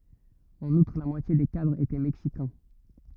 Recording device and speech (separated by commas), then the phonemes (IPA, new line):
rigid in-ear microphone, read sentence
ɑ̃n utʁ la mwatje de kadʁz etɛ mɛksikɛ̃